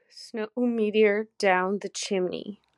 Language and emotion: English, sad